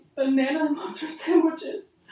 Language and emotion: English, sad